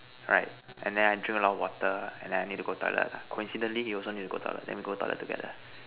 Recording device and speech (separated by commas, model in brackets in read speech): telephone, conversation in separate rooms